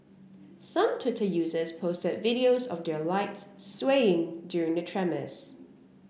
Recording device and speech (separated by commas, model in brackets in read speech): boundary microphone (BM630), read sentence